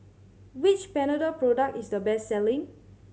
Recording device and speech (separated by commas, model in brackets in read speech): mobile phone (Samsung C7100), read sentence